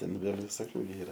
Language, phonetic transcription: Lithuanian, ˈten ˈvėl' viˈsokiu gi ˈyra

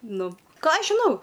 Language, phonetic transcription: Lithuanian, ˈnu ˈką ˈaš žiˈnau

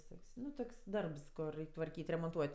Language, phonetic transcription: Lithuanian, viˈsok's' ˈnu ˈtuk's' ˈdarbs ˈkur ˈreik' tvarˈkyt' remonˈtuot'

